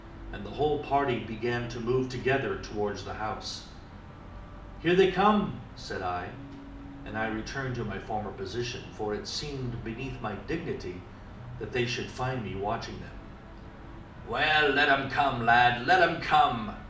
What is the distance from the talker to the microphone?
2.0 m.